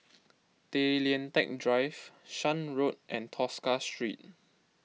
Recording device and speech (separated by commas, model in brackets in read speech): mobile phone (iPhone 6), read sentence